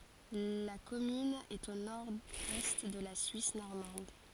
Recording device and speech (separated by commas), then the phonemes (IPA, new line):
forehead accelerometer, read sentence
la kɔmyn ɛt o noʁɛst də la syis nɔʁmɑ̃d